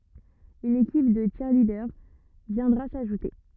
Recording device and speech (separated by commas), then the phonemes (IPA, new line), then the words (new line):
rigid in-ear microphone, read sentence
yn ekip də tʃiʁlidœʁ vjɛ̃dʁa saʒute
Une équipe de cheerleaders viendra s'ajouter.